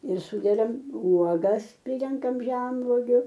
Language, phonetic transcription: Lithuanian, ir ˈsūdedam ˈuogas ˈprirenkam ˈženvogiu

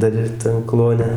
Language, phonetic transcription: Lithuanian, ˈdar ˈir tan ˈkluone

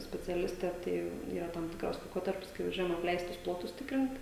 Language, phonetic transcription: Lithuanian, speciaˈliste ˈtai yˈra tam ˈtikras laiˈkotarpis kai vaˈžiuojam apˈleistus ˈplotus ˈtikrint

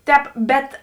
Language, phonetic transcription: Lithuanian, ˈtēp ˈbet

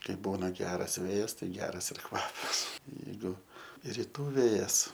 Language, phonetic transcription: Lithuanian, ˈkai ˈbūna ˈgeras ˈvėjas tai ˈgeras ir ˈkvapas jeiˈgu riˈtų ˈvėjas

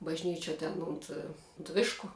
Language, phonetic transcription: Lithuanian, bažˈnyčiuo ten ˈunt unt ˈvišku

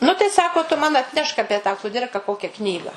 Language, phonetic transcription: Lithuanian, nu tai ˈsako tu man atˈnešk ˈapie tą kuˈdirka ˈkokia ˈknyga

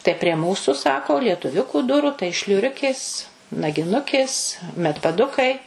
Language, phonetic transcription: Lithuanian, tai prie ˈmūsu ˈsako lietuˈviukų ˈdurų tai šliuˈriukės nagiˈnukės medpaˈdukai

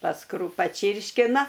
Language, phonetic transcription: Lithuanian, paˈskru paˈčyrškina

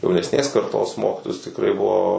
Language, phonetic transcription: Lithuanian, jaunesˈnės karˈtos ˈmokitojus tikˈrai ˈbuvo

